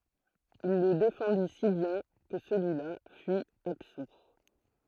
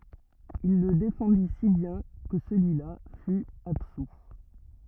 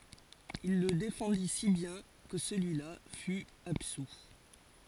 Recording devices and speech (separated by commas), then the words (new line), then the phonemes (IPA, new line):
throat microphone, rigid in-ear microphone, forehead accelerometer, read sentence
Il le défendit si bien que celui-là fut absous.
il lə defɑ̃di si bjɛ̃ kə səlyi la fy absu